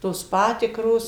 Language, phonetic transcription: Lithuanian, ˈtos ˈpatikros

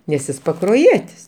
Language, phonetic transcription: Lithuanian, nes ˈjis pakroˈjietis

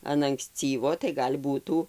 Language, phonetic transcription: Lithuanian, an ankˈscyvo tai gal' ˈbūtų

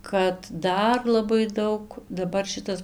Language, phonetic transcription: Lithuanian, kad ˈdar laˈbai ˈdaug daˈbar ˈšitas

